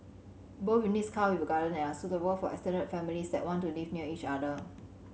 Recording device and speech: mobile phone (Samsung C7100), read sentence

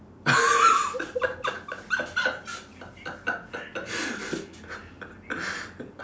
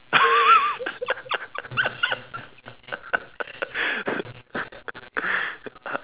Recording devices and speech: standing microphone, telephone, conversation in separate rooms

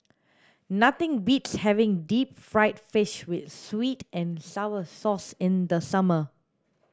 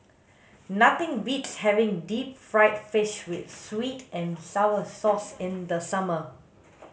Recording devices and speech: standing microphone (AKG C214), mobile phone (Samsung S8), read sentence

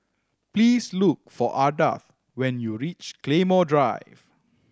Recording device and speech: standing microphone (AKG C214), read sentence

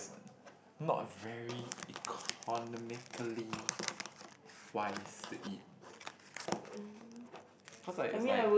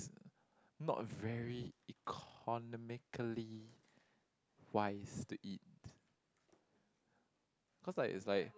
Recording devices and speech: boundary microphone, close-talking microphone, conversation in the same room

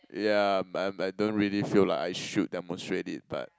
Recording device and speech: close-talking microphone, conversation in the same room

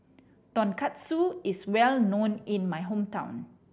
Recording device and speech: boundary microphone (BM630), read sentence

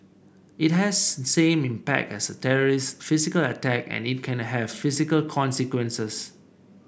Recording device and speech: boundary microphone (BM630), read sentence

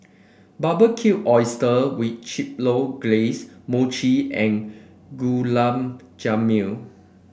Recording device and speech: boundary microphone (BM630), read sentence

